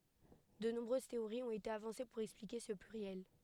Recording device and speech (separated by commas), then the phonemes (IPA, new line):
headset microphone, read sentence
də nɔ̃bʁøz teoʁiz ɔ̃t ete avɑ̃se puʁ ɛksplike sə plyʁjɛl